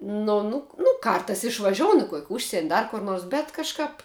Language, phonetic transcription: Lithuanian, ˈnu nu nu ˈkartais išvaˈžiounu kuok' ˈužsien' ˈdar kur ˈnuors bet kažˈkap

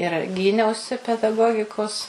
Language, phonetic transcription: Lithuanian, ir ˈgyniausi pedaˈgogikos

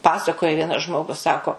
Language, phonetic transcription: Lithuanian, ˈpasakoja ˈvienas ˈžmogus ˈsako

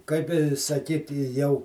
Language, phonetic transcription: Lithuanian, kaip i saˈkyti jau

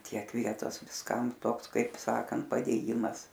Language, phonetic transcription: Lithuanian, ˈtiek ˈvietos visˈkam ˈtoks ˈkaip ˈsakant padėˈjimas

